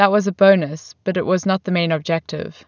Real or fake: real